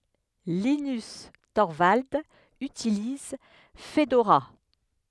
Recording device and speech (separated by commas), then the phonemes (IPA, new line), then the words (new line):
headset microphone, read sentence
linys tɔʁvaldz ytiliz fədoʁa
Linus Torvalds utilise Fedora.